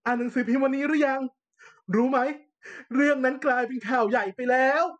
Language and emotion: Thai, happy